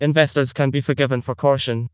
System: TTS, vocoder